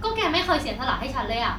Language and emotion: Thai, frustrated